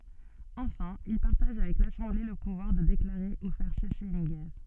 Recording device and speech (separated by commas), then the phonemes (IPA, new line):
soft in-ear microphone, read sentence
ɑ̃fɛ̃ il paʁtaʒ avɛk lasɑ̃ble lə puvwaʁ də deklaʁe u fɛʁ sɛse yn ɡɛʁ